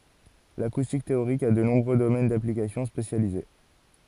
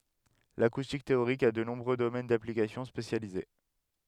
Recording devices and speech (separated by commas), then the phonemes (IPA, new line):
forehead accelerometer, headset microphone, read sentence
lakustik teoʁik a də nɔ̃bʁø domɛn daplikasjɔ̃ spesjalize